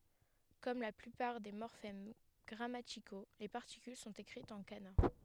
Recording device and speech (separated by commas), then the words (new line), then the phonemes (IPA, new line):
headset microphone, read sentence
Comme la plupart des morphèmes grammaticaux, les particules sont écrites en kana.
kɔm la plypaʁ de mɔʁfɛm ɡʁamatiko le paʁtikyl sɔ̃t ekʁitz ɑ̃ kana